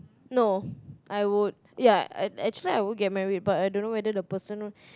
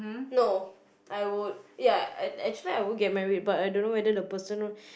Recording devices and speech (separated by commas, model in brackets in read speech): close-talking microphone, boundary microphone, conversation in the same room